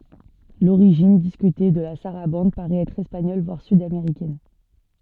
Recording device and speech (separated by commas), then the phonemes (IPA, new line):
soft in-ear microphone, read sentence
loʁiʒin diskyte də la saʁabɑ̃d paʁɛt ɛtʁ ɛspaɲɔl vwaʁ sydameʁikɛn